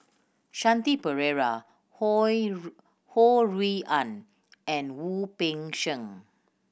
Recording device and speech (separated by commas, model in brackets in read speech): boundary microphone (BM630), read sentence